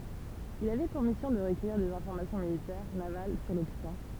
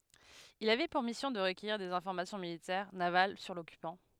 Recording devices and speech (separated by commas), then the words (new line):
temple vibration pickup, headset microphone, read sentence
Il avait pour mission de recueillir des informations militaires, navales sur l'occupant.